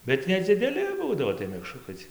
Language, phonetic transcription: Lithuanian, bet nedzideˈli ˈbūdavo tai mekˈšrukai cie

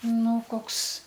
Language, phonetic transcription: Lithuanian, ˈnu ˈkoks

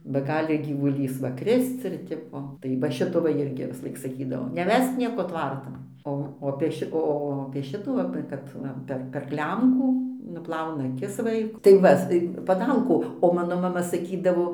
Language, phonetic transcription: Lithuanian, ba ˈgali gyvuˈlys ˈva ˈkrisc ir ˈtipo tai va ˈšito ˈva ˈirgi visˈlaik saˈkydavo neˈvesk ˈnieko ˈtvartan ˈo o apė ˈši ˈo apė ˈšitų apė ˈkad ˈva per per ˈklemkų nuˈplauna ˈakis ˈvaiku tai ˈva s paˈdalku o ˈmano maˈma saˈkydavo

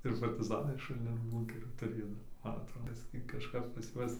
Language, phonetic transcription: Lithuanian, ir partiˈzanai šulˈnin ˈbūnkerį tuˈrėjo nu ˈman atˈro ˈbiski kažˈkap pas ˈjuos

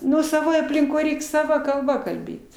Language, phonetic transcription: Lithuanian, ˈnu saˈvoj aplinˈkoj ˈreik saˈva kalˈba kalˈbėt

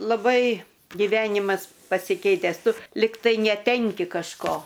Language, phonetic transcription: Lithuanian, laˈbai giˈvenimas pasiˈkeitęs ˈtu ˈligtai neˈtenki kažˈko

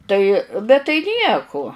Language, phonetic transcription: Lithuanian, ˈtai bet tai ˈnieku

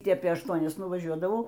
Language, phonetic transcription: Lithuanian, ˈtį ˈapė ašˈtuonias nuvaˈžiuodavau

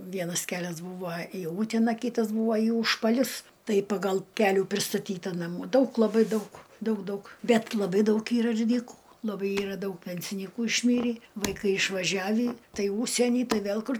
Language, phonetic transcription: Lithuanian, ˈvienas ˈkelias ˈbūvo į ˈūtena ˈkitas ˈbūvo į ūžpaˈlius ˈtai paˈgal ˈkelių pristaˈtyta naˈmų ˈdaug laˈbai ˈdaug ˈdaug ˈdaug ˈbet laˈbai ˈdaug ˈyra ir ˈdykų laˈbai ˈyra ˈdaug ˈpensinykų išˈmyrį vaiˈkai išvaˈžiavį ˈtai ˈūžsieny ˈtai ˈvėl ˈkur

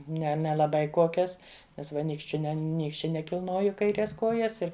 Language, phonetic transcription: Lithuanian, ˈne nelaˈbai ˈkokias ˈnes ˈva ˈnykščiu ˈne ˈnykščia nekilˈnoju kaiˈrės ˈkojas ˈir

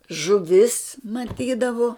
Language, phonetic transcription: Lithuanian, žuˈvis maˈtydavu

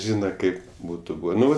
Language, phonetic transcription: Lithuanian, ˈžyna ˈkaip ˈbūtu ˈbūvė ˈnu

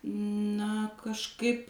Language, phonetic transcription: Lithuanian, na kažˈkaip

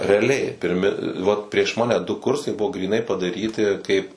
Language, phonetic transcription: Lithuanian, reaˈliai pirˈmi ˈvat prieš ˈmane du ˈkursai ˈbuvo gryˈnai padaˈryti kaip

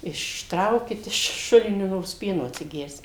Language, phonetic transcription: Lithuanian, išˈtraukit iš ˈšulinio ˈnors ˈpieno atsiˈgersim

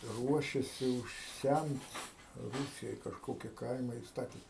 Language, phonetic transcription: Lithuanian, ˈruošiasi užˈsæmt ˈrūsijoj kažˈkoki ˈkaima i ˈstati

